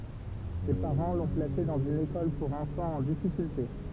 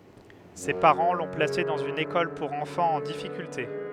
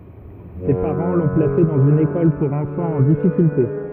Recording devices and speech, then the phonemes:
temple vibration pickup, headset microphone, rigid in-ear microphone, read sentence
se paʁɑ̃ lɔ̃ plase dɑ̃z yn ekɔl puʁ ɑ̃fɑ̃z ɑ̃ difikylte

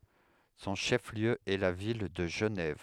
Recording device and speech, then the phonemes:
headset microphone, read sentence
sɔ̃ ʃɛf ljø ɛ la vil də ʒənɛv

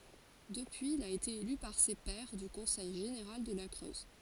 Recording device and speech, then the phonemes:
forehead accelerometer, read sentence
dəpyiz il a ete ely paʁ se pɛʁ dy kɔ̃sɛj ʒeneʁal də la kʁøz

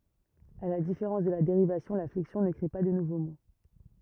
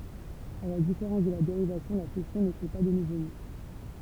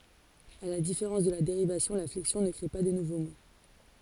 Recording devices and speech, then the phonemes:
rigid in-ear microphone, temple vibration pickup, forehead accelerometer, read sentence
a la difeʁɑ̃s də la deʁivasjɔ̃ la flɛksjɔ̃ nə kʁe pa də nuvo mo

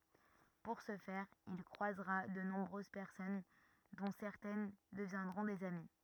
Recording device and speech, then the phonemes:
rigid in-ear microphone, read sentence
puʁ sə fɛʁ il kʁwazʁa də nɔ̃bʁøz pɛʁsɔn dɔ̃ sɛʁtɛn dəvjɛ̃dʁɔ̃ dez ami

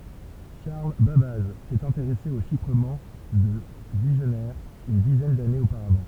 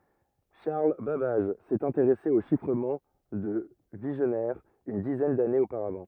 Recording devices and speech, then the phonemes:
temple vibration pickup, rigid in-ear microphone, read sentence
ʃaʁl babaʒ sɛt ɛ̃teʁɛse o ʃifʁəmɑ̃ də viʒnɛʁ yn dizɛn danez opaʁavɑ̃

